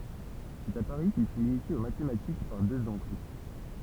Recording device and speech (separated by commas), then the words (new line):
temple vibration pickup, read sentence
C’est à Paris qu’il fut initié aux mathématiques par deux oncles.